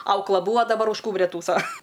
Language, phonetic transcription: Lithuanian, ˈaukla ˈbūva daˈbar už ˈkūbria ˈtųso

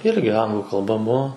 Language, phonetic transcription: Lithuanian, ˈirgi ˈanglų kalˈba ˈbuo

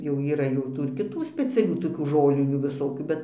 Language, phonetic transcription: Lithuanian, jau yˈra jau ˈtų ir kiˈtų speciaˈlių toˈkių ˈžolinių viˈsokių ˈbet

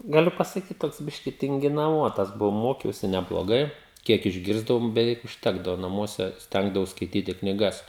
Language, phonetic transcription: Lithuanian, gaˈliu pasaˈkyt ˈtoks ˈbiški tinginaˈvotas ˈbuvau ˈmokiausi nebloˈgai ˈkiek išˈgirsdavom beˈveik užˈtekdavo naˈmuose ˈstengdavaus skaiˈtyti knyˈgas

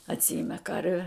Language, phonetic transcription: Lithuanian, atˈsiime ˈkarve

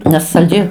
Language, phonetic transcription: Lithuanian, nes salˈdžiai

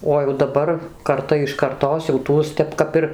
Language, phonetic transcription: Lithuanian, o jau daˈbar karˈta iš karˈtos jau ˈtuos ˈtep ˈkap ir

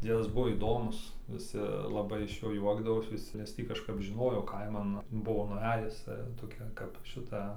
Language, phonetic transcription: Lithuanian, ˈdziedas ˈbuvo įˈdomus viˈsi laˈbai iš ˈjo ˈjuokdavos viˈsi nes ˈtį kažˈkap žiˈnojo ˈkaiman ˈbuvo nuˈejus toˈkia kap ˈšita

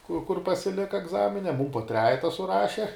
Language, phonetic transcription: Lithuanian, kur kur pasiˈlika egˈzamine ˈmūm po ˈtrejeta suˈraše

